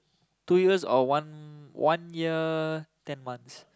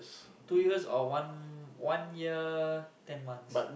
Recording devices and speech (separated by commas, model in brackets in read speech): close-talking microphone, boundary microphone, conversation in the same room